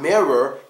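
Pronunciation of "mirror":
'Mirror' is pronounced incorrectly here: the last syllable is not said with a schwa sound.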